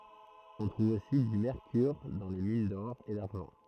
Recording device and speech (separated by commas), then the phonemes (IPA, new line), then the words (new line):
throat microphone, read sentence
ɔ̃ tʁuv osi dy mɛʁkyʁ dɑ̃ le min dɔʁ e daʁʒɑ̃
On trouve aussi du mercure dans les mines d'or et d'argent.